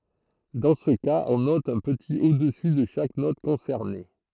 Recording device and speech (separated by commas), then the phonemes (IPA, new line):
throat microphone, read sentence
dɑ̃ sə kaz ɔ̃ nɔt œ̃ pətit odəsy də ʃak nɔt kɔ̃sɛʁne